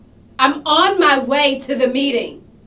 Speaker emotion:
angry